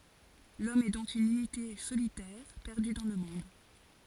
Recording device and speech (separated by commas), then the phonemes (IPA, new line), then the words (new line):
forehead accelerometer, read sentence
lɔm ɛ dɔ̃k yn ynite solitɛʁ pɛʁdy dɑ̃ lə mɔ̃d
L'homme est donc une unité solitaire perdue dans le monde.